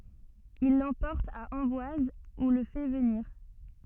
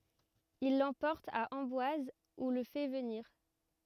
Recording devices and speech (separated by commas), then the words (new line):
soft in-ear microphone, rigid in-ear microphone, read sentence
Il l’emporte à Amboise où le fait venir.